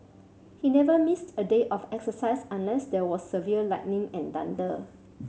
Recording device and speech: mobile phone (Samsung C7100), read sentence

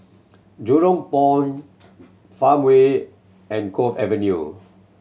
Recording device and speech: mobile phone (Samsung C7100), read sentence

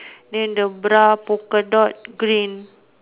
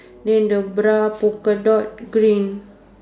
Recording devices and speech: telephone, standing microphone, conversation in separate rooms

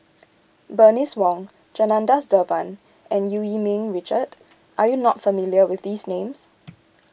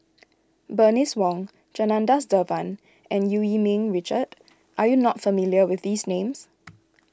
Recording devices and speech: boundary microphone (BM630), close-talking microphone (WH20), read sentence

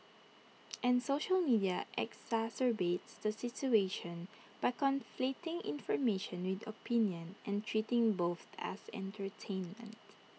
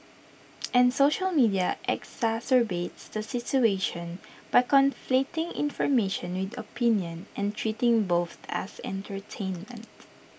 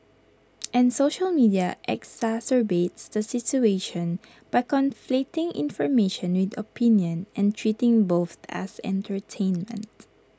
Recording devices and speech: mobile phone (iPhone 6), boundary microphone (BM630), close-talking microphone (WH20), read sentence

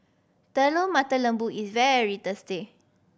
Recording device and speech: boundary microphone (BM630), read sentence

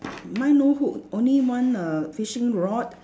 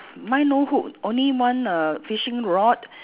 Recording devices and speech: standing microphone, telephone, conversation in separate rooms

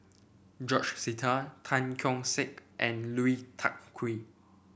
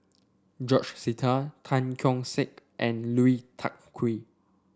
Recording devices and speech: boundary microphone (BM630), standing microphone (AKG C214), read sentence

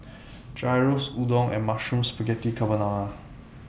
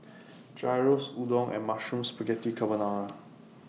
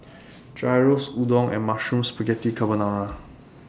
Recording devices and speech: boundary microphone (BM630), mobile phone (iPhone 6), standing microphone (AKG C214), read sentence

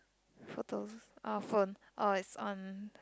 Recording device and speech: close-talking microphone, conversation in the same room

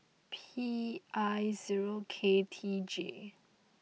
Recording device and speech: mobile phone (iPhone 6), read sentence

